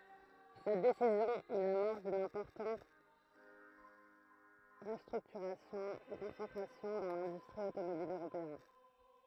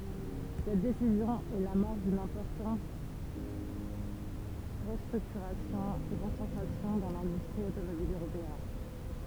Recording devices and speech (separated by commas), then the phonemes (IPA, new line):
throat microphone, temple vibration pickup, read sentence
sɛt desizjɔ̃ ɛ lamɔʁs dyn ɛ̃pɔʁtɑ̃t ʁəstʁyktyʁasjɔ̃ e kɔ̃sɑ̃tʁasjɔ̃ dɑ̃ lɛ̃dystʁi otomobil øʁopeɛn